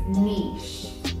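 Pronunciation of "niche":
This is the UK way of saying 'niche'. It ends in an sh sound, not a ch sound or a hard k sound.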